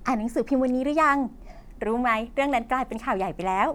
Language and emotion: Thai, happy